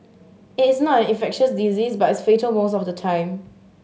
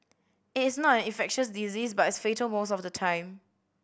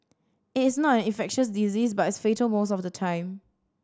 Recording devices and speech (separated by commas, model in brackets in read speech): mobile phone (Samsung S8), boundary microphone (BM630), standing microphone (AKG C214), read sentence